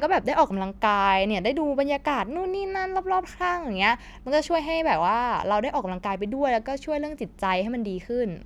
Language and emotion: Thai, happy